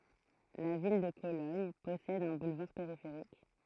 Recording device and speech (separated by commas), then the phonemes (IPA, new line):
throat microphone, read sentence
la vil də kolɔɲ pɔsɛd œ̃ bulvaʁ peʁifeʁik